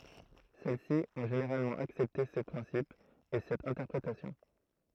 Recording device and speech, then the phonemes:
throat microphone, read sentence
sɛl si ɔ̃ ʒeneʁalmɑ̃ aksɛpte se pʁɛ̃sipz e sɛt ɛ̃tɛʁpʁetasjɔ̃

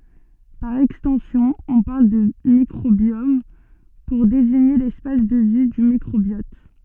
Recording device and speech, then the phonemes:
soft in-ear microphone, read sentence
paʁ ɛkstɑ̃sjɔ̃ ɔ̃ paʁl də mikʁobjɔm puʁ deziɲe lɛspas də vi dy mikʁobjɔt

